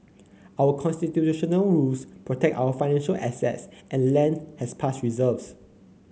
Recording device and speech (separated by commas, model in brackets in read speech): mobile phone (Samsung C9), read sentence